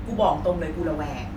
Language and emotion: Thai, frustrated